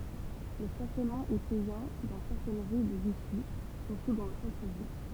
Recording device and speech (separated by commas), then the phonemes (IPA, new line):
temple vibration pickup, read sentence
lə stasjɔnmɑ̃ ɛ pɛjɑ̃ dɑ̃ sɛʁtɛn ʁy də viʃi syʁtu dɑ̃ lə sɑ̃tʁ vil